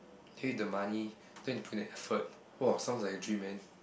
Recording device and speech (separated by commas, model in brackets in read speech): boundary microphone, conversation in the same room